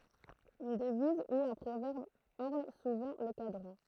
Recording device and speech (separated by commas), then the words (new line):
throat microphone, read sentence
Une devise ou un proverbe orne souvent le cadran.